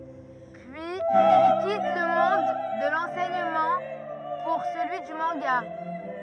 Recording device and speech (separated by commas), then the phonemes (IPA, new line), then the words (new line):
rigid in-ear microphone, read sentence
pyiz il kit lə mɔ̃d də lɑ̃sɛɲəmɑ̃ puʁ səlyi dy mɑ̃ɡa
Puis il quitte le monde de l'enseignement pour celui du manga.